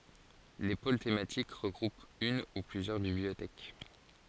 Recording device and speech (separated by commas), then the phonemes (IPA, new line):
forehead accelerometer, read sentence
le pol tematik ʁəɡʁupt yn u plyzjœʁ bibliotɛk